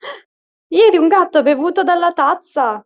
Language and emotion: Italian, surprised